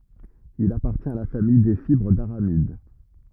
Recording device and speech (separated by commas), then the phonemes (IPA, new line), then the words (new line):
rigid in-ear microphone, read sentence
il apaʁtjɛ̃t a la famij de fibʁ daʁamid
Il appartient à la famille des fibres d'aramides.